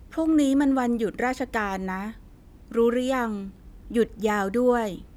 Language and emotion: Thai, neutral